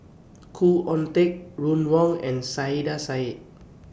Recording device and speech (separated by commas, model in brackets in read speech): boundary microphone (BM630), read sentence